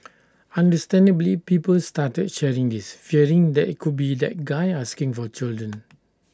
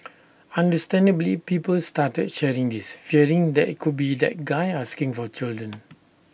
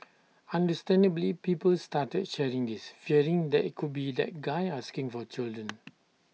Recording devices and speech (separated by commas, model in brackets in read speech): standing microphone (AKG C214), boundary microphone (BM630), mobile phone (iPhone 6), read sentence